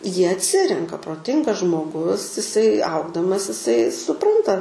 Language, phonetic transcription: Lithuanian, ˈjie atˈsirenka proˈtingas žmoˈgus iˈsai ˈaugdamas iˈsai suˈpranta

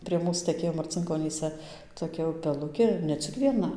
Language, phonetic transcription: Lithuanian, prie ˈmūs teˈkėjo marcinkoˈnyse toˈkia upeˈlukė ir ne ˈcik vieˈna

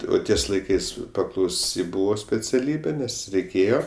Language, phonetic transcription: Lithuanian, o ˈties laiˈkais paklauˈsi ˈbūvo speciaˈlybė ˈnes reiˈkėjo

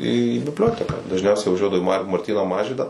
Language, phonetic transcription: Lithuanian, į bibˈlioteką dažˈniausiai vaˈžiuodavau į mar marˈtyno ˈmažvydo

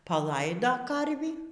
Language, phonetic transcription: Lithuanian, paˈlaido ˈkarvį

